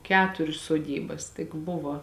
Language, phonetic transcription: Lithuanian, ˈketurius soˈdybas tik ˈbuvo

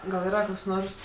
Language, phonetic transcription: Lithuanian, gal yˈra ˈkoks ˈnors

